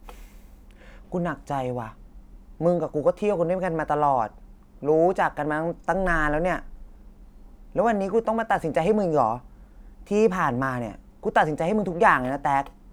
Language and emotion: Thai, frustrated